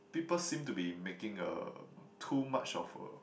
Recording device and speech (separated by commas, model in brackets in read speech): boundary microphone, conversation in the same room